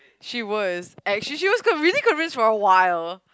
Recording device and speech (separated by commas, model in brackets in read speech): close-talking microphone, conversation in the same room